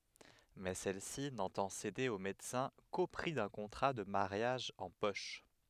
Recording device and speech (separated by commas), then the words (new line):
headset microphone, read sentence
Mais celle-ci n'entend céder au médecin qu'au prix d'un contrat de mariage en poche.